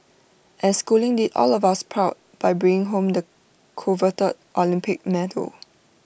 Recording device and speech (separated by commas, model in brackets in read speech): boundary microphone (BM630), read sentence